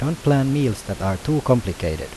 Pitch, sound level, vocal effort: 125 Hz, 82 dB SPL, normal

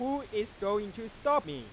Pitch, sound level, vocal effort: 210 Hz, 100 dB SPL, loud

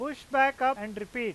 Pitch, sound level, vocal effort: 255 Hz, 99 dB SPL, loud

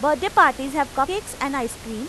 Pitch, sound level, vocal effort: 285 Hz, 93 dB SPL, loud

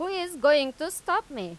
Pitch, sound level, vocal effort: 310 Hz, 95 dB SPL, loud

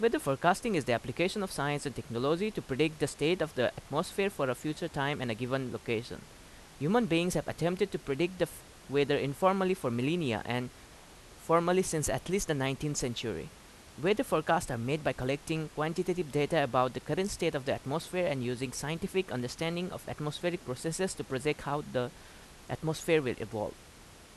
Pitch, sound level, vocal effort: 150 Hz, 86 dB SPL, loud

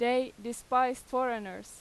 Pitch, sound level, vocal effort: 250 Hz, 92 dB SPL, very loud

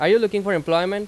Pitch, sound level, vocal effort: 200 Hz, 95 dB SPL, very loud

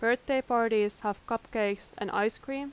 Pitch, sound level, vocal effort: 230 Hz, 87 dB SPL, loud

